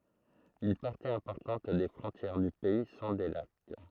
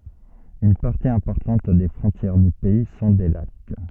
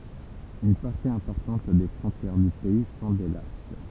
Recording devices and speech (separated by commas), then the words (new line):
throat microphone, soft in-ear microphone, temple vibration pickup, read sentence
Une partie importante des frontières du pays sont des lacs.